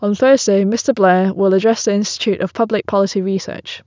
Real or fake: real